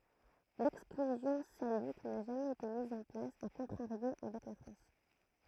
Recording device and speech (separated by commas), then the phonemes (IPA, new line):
throat microphone, read sentence
lɛksklyzjɔ̃ salik na ʒamɛz ete miz ɑ̃ plas a kɔ̃tʁaʁjo avɛk la fʁɑ̃s